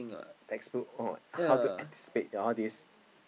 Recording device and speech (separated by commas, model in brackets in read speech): boundary microphone, conversation in the same room